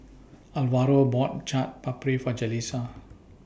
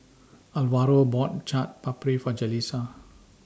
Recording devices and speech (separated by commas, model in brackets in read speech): boundary microphone (BM630), standing microphone (AKG C214), read sentence